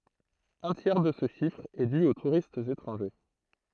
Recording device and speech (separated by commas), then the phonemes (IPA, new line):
throat microphone, read sentence
œ̃ tjɛʁ də sə ʃifʁ ɛ dy o tuʁistz etʁɑ̃ʒe